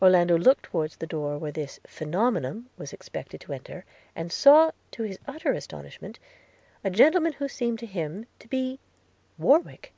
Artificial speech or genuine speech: genuine